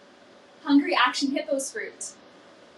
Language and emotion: English, happy